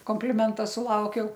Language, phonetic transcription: Lithuanian, kompliˈmenta suˈlaukiau

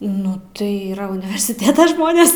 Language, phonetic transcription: Lithuanian, nu ˈtai ˈyra universiˈtėta ˈžmonės

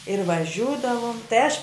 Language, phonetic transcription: Lithuanian, ir vaˈžiūdavum tai aš

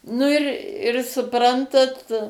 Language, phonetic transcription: Lithuanian, ˈnu ir ir suˈprantat

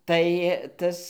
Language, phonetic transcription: Lithuanian, tai ˈtas

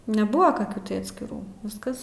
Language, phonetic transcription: Lithuanian, neˈbuvo kaˈkių tai atskiˈrų ˈviskas

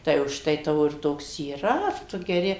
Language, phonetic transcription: Lithuanian, tai užˈtai ˈtavo ir ˈtoks yˈra ˈtu geˈri

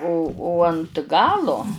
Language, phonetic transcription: Lithuanian, o o ant ˈgalo

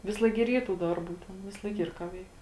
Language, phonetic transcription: Lithuanian, ˈvisˌlaik gi ir ˈyr tų ˈdarˌbų ˈten visˈlaik ˈyr ką ˈveik

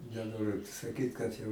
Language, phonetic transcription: Lithuanian, neˈnoriu saˈkyt kad jau

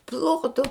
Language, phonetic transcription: Lithuanian, ˈplotu

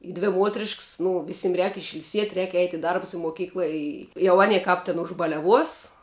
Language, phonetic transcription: Lithuanian, i ˈdvi ˈmuotrišks nu ˈvisim rēk išil'ˈsiet' rēk eit' i ˈdarbus i muoˈkykla ˈi jau ˈanie ˈkāp tin užbaliaˈvuos

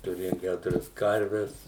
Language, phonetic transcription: Lithuanian, tuˈrėjom ˈkæturias ˈkarves

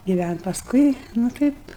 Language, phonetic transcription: Lithuanian, giˈvænt' pasˈkui nu ˈtaip

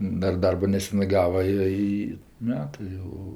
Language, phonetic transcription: Lithuanian, ˈdar ˈdarbo neˈsenɜ ˈgava ˈjo ˈy ˈmetɜ jau

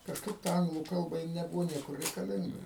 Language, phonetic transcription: Lithuanian, kažˈkaip ta ˈanglų ˈkalba ji neˈbuvo ˈniekur reikaˈlinga

